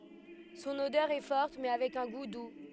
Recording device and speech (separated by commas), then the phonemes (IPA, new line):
headset microphone, read sentence
sɔ̃n odœʁ ɛ fɔʁt mɛ avɛk œ̃ ɡu du